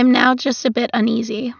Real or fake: real